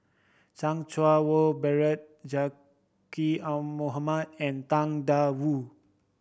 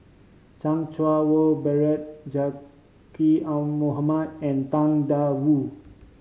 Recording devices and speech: boundary microphone (BM630), mobile phone (Samsung C5010), read sentence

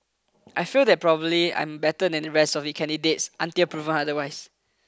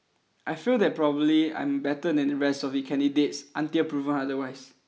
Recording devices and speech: close-talking microphone (WH20), mobile phone (iPhone 6), read sentence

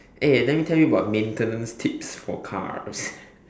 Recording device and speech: standing microphone, conversation in separate rooms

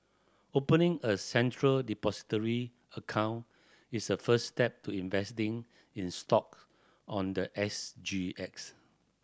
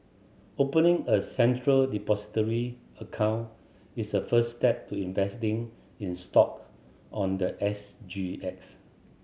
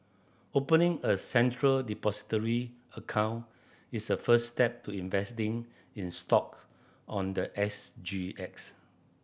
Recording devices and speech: standing microphone (AKG C214), mobile phone (Samsung C7100), boundary microphone (BM630), read sentence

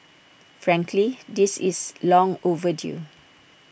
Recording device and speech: boundary microphone (BM630), read sentence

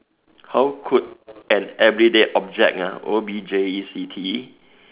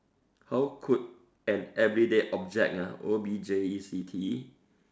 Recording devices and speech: telephone, standing microphone, conversation in separate rooms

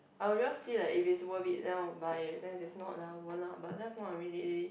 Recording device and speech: boundary microphone, conversation in the same room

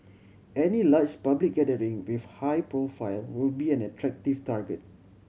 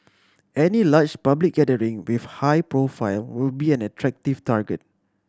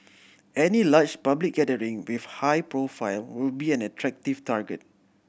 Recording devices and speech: mobile phone (Samsung C7100), standing microphone (AKG C214), boundary microphone (BM630), read sentence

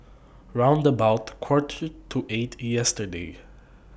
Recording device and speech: boundary microphone (BM630), read sentence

